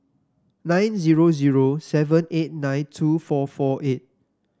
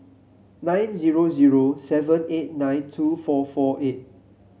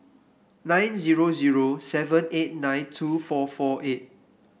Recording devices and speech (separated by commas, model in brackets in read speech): standing microphone (AKG C214), mobile phone (Samsung C7), boundary microphone (BM630), read sentence